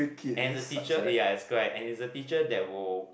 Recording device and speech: boundary microphone, conversation in the same room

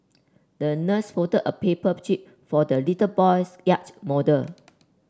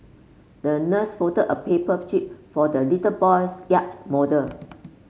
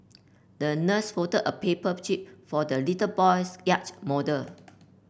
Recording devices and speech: standing microphone (AKG C214), mobile phone (Samsung C5), boundary microphone (BM630), read sentence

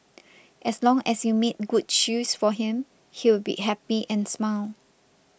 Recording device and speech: boundary microphone (BM630), read sentence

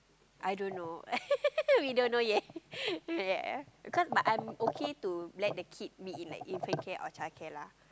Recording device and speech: close-talking microphone, conversation in the same room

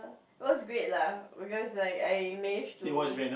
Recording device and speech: boundary microphone, conversation in the same room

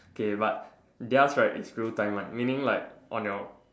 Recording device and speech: standing microphone, conversation in separate rooms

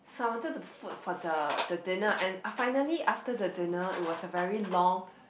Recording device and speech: boundary microphone, conversation in the same room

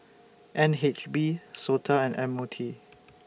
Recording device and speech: boundary microphone (BM630), read sentence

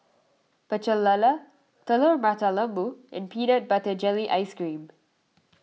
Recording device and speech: mobile phone (iPhone 6), read sentence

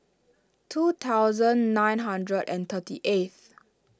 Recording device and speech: standing microphone (AKG C214), read sentence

